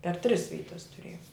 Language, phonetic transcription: Lithuanian, per tris ˈvytas tuˈrėjom

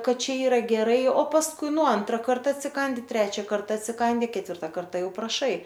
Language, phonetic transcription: Lithuanian, ˈkad ˈčia ˈyra geˈrai o pasˈkui ˈnu ˈantra ˈkarta atsiˈkandi ˈtrečia ˈkarta atsiˈkandi ketˈvirta ˈkarta ˈjau praˈšai

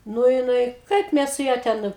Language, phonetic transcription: Lithuanian, ˈnu jiˈnai ˈkaip ˈmes su ˈja ˈten

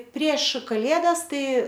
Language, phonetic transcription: Lithuanian, prieš kaˈlėdas ˈtai

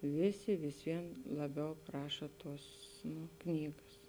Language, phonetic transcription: Lithuanian, ˈvėˌsi vis ˈvien laˈbiau ˈpraša ˈtuos nu ˈknygas

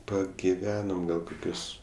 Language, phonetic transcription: Lithuanian, pagiˈvenom ˈgal koˈkius

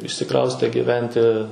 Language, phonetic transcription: Lithuanian, išsiˈkraustė giˈventi

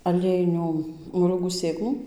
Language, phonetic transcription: Lithuanian, aˈliejinių moˈliūgų ˈsėklų

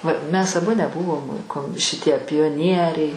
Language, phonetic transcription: Lithuanian, va ˈmes aˈbu neˈbuvom kom šiˈtie pioˈnieriai

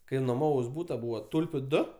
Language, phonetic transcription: Lithuanian, ˈkai noˈmavaus ˈbūta ˈbūva ˈtulpiu ˈdu

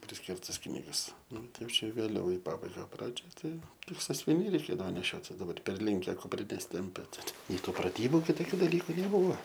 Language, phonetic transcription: Lithuanian, prisˈkirtas ˈknygas ˈnu ˈtai ˈjau ˈčia vėˈliau i ˈpabaiga ˈpradžioj ˈtai ˈtik sasviˈniai reiˈkėdavo neˈšiotis daˈbar ˈperlinke kupˈrines ˈtimpia ti tik nei ˈtų praˈtybu kiˈtokiu daˈlyku neˈbuva

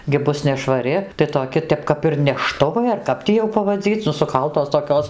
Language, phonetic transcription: Lithuanian, gi ˈbus nešvaˈri tai toˈki ˈtep kap ir neˈštuvai ar ˈkap tį jau pavaˈdzyc' nu suˈkaltos toˈkios

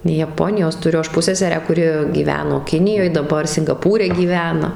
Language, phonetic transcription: Lithuanian, jaˈponijos tuˈriu ˈaš ˈpusseserę kuˈri gyˈveno ˈkinijoj daˈbar singaˈpūre gyˈvena

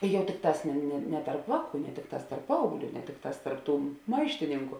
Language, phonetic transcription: Lithuanian, ˈjau ˈtikˌtās ne ne tarp ˈvāˌkų ne ˈtikˌtās tarp ˈpaaugˌlių ne ˈtikˌtās tarp ˈtų ˈmaištininku

